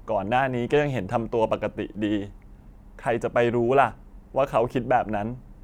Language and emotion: Thai, sad